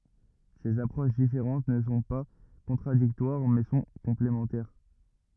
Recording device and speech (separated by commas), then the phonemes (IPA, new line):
rigid in-ear microphone, read sentence
sez apʁoʃ difeʁɑ̃t nə sɔ̃ pa kɔ̃tʁadiktwaʁ mɛ sɔ̃ kɔ̃plemɑ̃tɛʁ